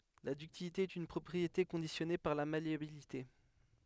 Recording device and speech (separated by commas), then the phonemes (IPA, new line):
headset microphone, read sentence
la dyktilite ɛt yn pʁɔpʁiete kɔ̃disjɔne paʁ la maleabilite